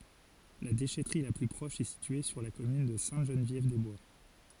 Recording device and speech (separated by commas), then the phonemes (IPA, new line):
forehead accelerometer, read sentence
la deʃɛtʁi la ply pʁɔʃ ɛ sitye syʁ la kɔmyn də sɛ̃təʒənvjɛvdɛzbwa